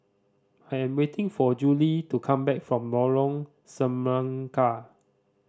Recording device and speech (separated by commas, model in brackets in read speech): standing microphone (AKG C214), read sentence